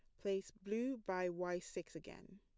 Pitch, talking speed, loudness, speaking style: 195 Hz, 165 wpm, -43 LUFS, plain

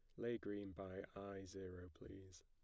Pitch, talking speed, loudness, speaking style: 95 Hz, 160 wpm, -51 LUFS, plain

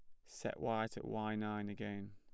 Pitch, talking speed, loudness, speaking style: 105 Hz, 190 wpm, -42 LUFS, plain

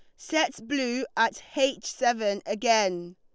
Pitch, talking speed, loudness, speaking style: 235 Hz, 120 wpm, -27 LUFS, Lombard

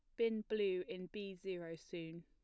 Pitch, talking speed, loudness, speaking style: 185 Hz, 175 wpm, -43 LUFS, plain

